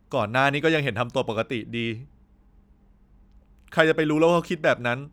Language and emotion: Thai, frustrated